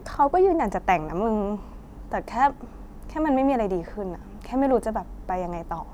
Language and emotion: Thai, frustrated